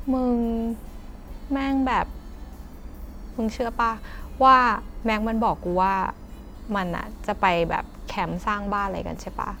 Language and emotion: Thai, frustrated